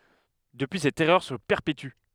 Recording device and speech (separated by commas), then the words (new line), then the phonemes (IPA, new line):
headset microphone, read sentence
Depuis cette erreur se perpétue.
dəpyi sɛt ɛʁœʁ sə pɛʁpety